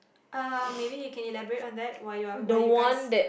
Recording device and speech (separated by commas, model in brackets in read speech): boundary microphone, conversation in the same room